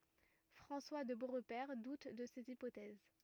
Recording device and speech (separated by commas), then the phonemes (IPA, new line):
rigid in-ear microphone, read sentence
fʁɑ̃swa də boʁpɛʁ dut də sez ipotɛz